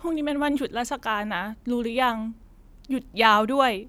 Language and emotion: Thai, sad